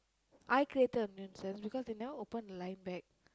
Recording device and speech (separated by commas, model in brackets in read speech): close-talking microphone, conversation in the same room